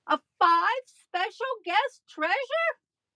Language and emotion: English, disgusted